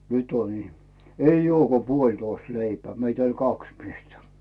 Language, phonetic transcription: Finnish, » 'nyt ‿on 'ihmᵉ , 'eij ‿"ᵘoo ko "puoĺtoist 'leipeä « 'meit ‿oĺ "kaks 'miestä .
- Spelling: nyt on ihme ei ole kuin puolitoista leipää meitä oli kaksi miestä

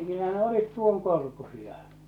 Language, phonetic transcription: Finnish, 'kyllä ne 'olit "tuoŋkorkusia .
- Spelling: kyllä ne olivat tuon korkuisia

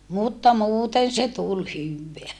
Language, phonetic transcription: Finnish, mutta muuten se tul hyvveä .
- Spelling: mutta muuten se tuli hyvää

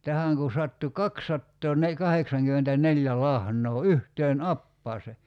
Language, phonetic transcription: Finnish, 'tähäŋ kun̬ 'sattu "kakssattoo'ne- , '-kaheksaŋkymmentä'neĺjä 'lahǹoo "yhteen "appaase .
- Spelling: tähän kun sattui - kaksisataakahdeksankymmentäneljä lahnaa yhteen apajaan

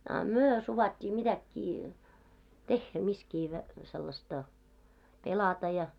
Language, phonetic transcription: Finnish, a "myö 'suvat́t́ii mitäkkii , "tehhä miskii vä- , 'sellasta , "pelata ja .
- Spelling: a me suvaittiin mitäkin tehdä missäkin - sellaista pelata ja

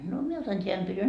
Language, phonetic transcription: Finnish, no 'mie otan 't́eän pytyn .
- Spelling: no minä otan tämän pytyn

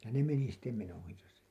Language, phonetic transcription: Finnish, ja ne meni sitte 'menojasa .
- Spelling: ja ne meni sitten menojansa

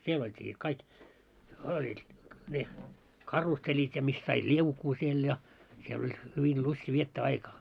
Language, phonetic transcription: Finnish, 'siel 'olt́ii sit 'kaik , 'oĺ , ne , "karusseĺit ja mis sait "liukuu siel ja , siel ‿oĺ , 'hyvil "lusti viettää "aikaa .
- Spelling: siellä oltiin sitten kaikki oli ne karusellit ja missä sait liukua siellä ja siellä oli hyvin lysti viettää aikaa

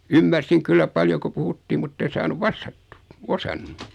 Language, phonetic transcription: Finnish, ymmärsiŋ 'kyllä 'paljo ko 'puhuttii mutten̬ 'saanuv "vastattᴜ , "osannu .
- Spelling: ymmärsin kyllä paljon kun puhuttiin mutta en saanut vastattua osannut

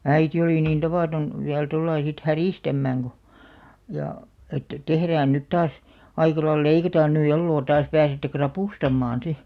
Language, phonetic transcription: Finnish, äiti olì niin 'tavaaton , viäl tollai sit "härìstämmääŋ ɢo , jà , että » 'tehrään nyt 'taas , aika lail , 'leikataan ny elloo taas pääsette "krapùstammaan̬ 'si « .
- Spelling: äiti oli niin tavaton vielä tuolla lailla sitten häristämään kun ja että tehdään nyt taas aika lailla leikataan nyt eloa taas pääsette ravustamaan sitten

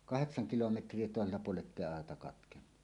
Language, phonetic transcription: Finnish, kaheksaŋ 'kilometr̀ie tòesella puole’ ’ettéi 'aeta 'katkennu .
- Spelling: kahdeksan kilometriä toisella puolen että ei aita katkennut

